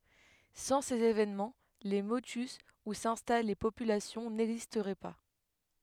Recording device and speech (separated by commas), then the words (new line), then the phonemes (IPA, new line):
headset microphone, read sentence
Sans ces événements, les motus où s'installent les populations n'existeraient pas.
sɑ̃ sez evenmɑ̃ le motys u sɛ̃stal le popylasjɔ̃ nɛɡzistʁɛ pa